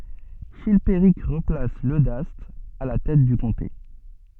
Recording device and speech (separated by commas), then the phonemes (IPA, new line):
soft in-ear microphone, read sentence
ʃilpeʁik ʁəplas lødast a la tɛt dy kɔ̃te